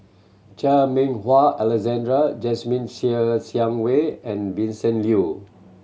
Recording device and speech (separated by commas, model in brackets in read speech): mobile phone (Samsung C7100), read sentence